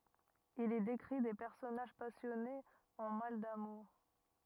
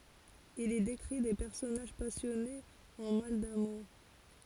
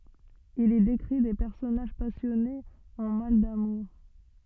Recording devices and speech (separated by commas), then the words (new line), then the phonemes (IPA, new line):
rigid in-ear microphone, forehead accelerometer, soft in-ear microphone, read sentence
Il y décrit des personnages passionnés en mal d'amour.
il i dekʁi de pɛʁsɔnaʒ pasjɔnez ɑ̃ mal damuʁ